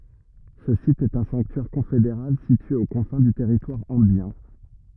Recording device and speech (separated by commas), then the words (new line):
rigid in-ear microphone, read sentence
Ce site est un sanctuaire confédéral situé aux confins du territoire ambiens.